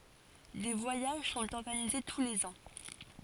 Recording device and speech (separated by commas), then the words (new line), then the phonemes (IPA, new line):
forehead accelerometer, read sentence
Des voyages sont organisés tous les ans.
de vwajaʒ sɔ̃t ɔʁɡanize tu lez ɑ̃